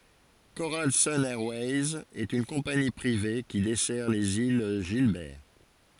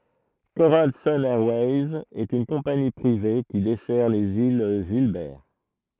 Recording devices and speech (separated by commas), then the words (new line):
forehead accelerometer, throat microphone, read sentence
Coral Sun Airways est une compagnie privée qui dessert les îles Gilbert.